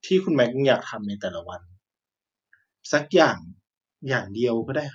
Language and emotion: Thai, frustrated